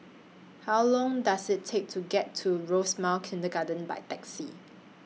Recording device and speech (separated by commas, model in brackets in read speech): mobile phone (iPhone 6), read sentence